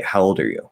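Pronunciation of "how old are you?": The d of 'old' is flapped into a contracted 'er' instead of a full 'are', so it sounds like 'how older'. The focus is on 'old'.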